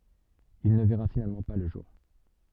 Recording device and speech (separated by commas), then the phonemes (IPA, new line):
soft in-ear microphone, read sentence
il nə vɛʁa finalmɑ̃ pa lə ʒuʁ